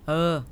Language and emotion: Thai, neutral